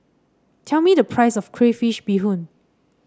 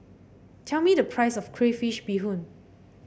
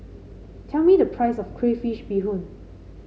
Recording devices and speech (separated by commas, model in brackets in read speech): standing microphone (AKG C214), boundary microphone (BM630), mobile phone (Samsung C5), read sentence